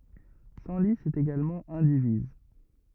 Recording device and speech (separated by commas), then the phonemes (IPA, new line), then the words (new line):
rigid in-ear microphone, read sentence
sɑ̃li ɛt eɡalmɑ̃ ɛ̃diviz
Senlis est également indivise.